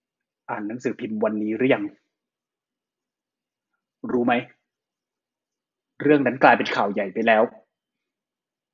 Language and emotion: Thai, frustrated